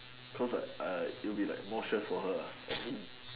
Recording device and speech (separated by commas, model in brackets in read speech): telephone, conversation in separate rooms